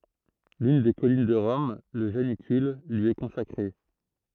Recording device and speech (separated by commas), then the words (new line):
throat microphone, read sentence
L'une des collines de Rome, le Janicule, lui est consacrée.